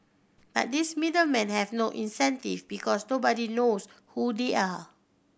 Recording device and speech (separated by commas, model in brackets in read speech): boundary microphone (BM630), read sentence